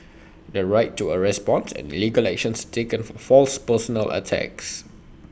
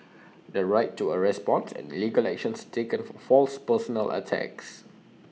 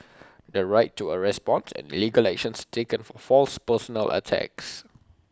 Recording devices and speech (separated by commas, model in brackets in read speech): boundary microphone (BM630), mobile phone (iPhone 6), close-talking microphone (WH20), read sentence